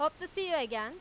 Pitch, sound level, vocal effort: 320 Hz, 98 dB SPL, loud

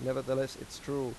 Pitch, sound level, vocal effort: 130 Hz, 87 dB SPL, normal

